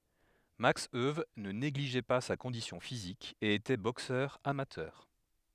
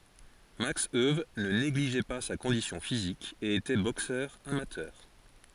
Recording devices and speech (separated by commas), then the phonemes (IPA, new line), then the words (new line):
headset microphone, forehead accelerometer, read sentence
maks øw nə neɡliʒɛ pa sa kɔ̃disjɔ̃ fizik e etɛ boksœʁ amatœʁ
Max Euwe ne négligeait pas sa condition physique et était boxeur amateur.